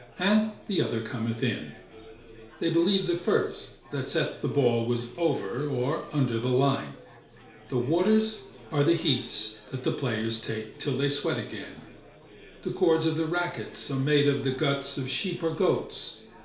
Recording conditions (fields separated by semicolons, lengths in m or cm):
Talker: one person; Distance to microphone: 1.0 m; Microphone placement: close; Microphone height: 1.1 m; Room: small (3.7 m by 2.7 m); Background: babble